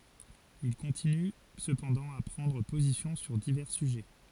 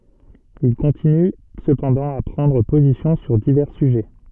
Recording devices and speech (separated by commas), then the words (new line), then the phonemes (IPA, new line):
forehead accelerometer, soft in-ear microphone, read sentence
Il continue cependant à prendre position sur divers sujets.
il kɔ̃tiny səpɑ̃dɑ̃ a pʁɑ̃dʁ pozisjɔ̃ syʁ divɛʁ syʒɛ